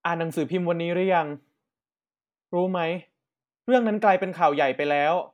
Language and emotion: Thai, neutral